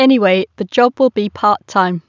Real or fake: real